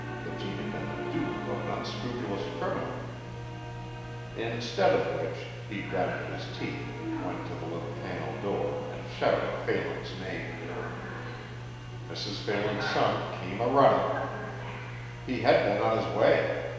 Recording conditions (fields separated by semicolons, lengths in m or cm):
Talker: one person; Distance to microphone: 1.7 m; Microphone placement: close; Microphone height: 1.0 m; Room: very reverberant, large; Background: television